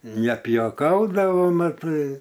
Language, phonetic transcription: Lithuanian, nepijoˈkaudavo maˈtai

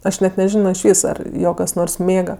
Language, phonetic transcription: Lithuanian, ˈaš ˈnet neˈžino išˈvys ar ˈjo kas ˈnors ˈmėga

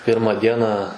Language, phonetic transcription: Lithuanian, ˈpirmą ˈdieną

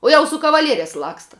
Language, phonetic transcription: Lithuanian, ˈuo jau su kavaˈlierias ˈlaksta

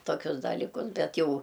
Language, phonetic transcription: Lithuanian, toˈkius dalyˈkus ˈbet ˈjau

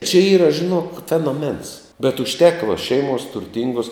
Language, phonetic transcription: Lithuanian, čia ˈyra žiˈnok fenoˈmens bet užˈteka va ˈšeimuos turˈtinguos

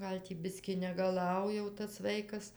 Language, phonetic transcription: Lithuanian, ˈgal' tį ˈbiski negaˈlau jau tas ˈvaikas

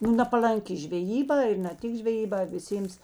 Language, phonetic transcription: Lithuanian, nu napalanˈki žveˈjyˌbā ir na ˈtik žveˈjyˌbā viˈsėms

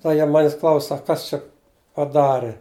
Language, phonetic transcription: Lithuanian, tai ˈjie ˈmanis ˈklaus ˈsak ˈkas čia paˈdari

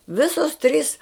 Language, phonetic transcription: Lithuanian, ˈvisos trys

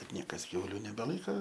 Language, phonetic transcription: Lithuanian, bet ˈniekas ˈkiauliu nebeˈlaika

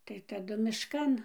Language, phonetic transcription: Lithuanian, tai taˈdu mišˈkan

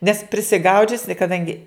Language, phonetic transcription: Lithuanian, nes prisiˈgaudžiusi kaˈdangi

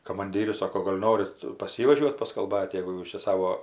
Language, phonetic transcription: Lithuanian, kamanˈdyrius ˈsoko ˈgol' ˈnorit pas ˈjį vaˈžiuot' paskalˈbat' jegu ˈjūs čia ˈsavo

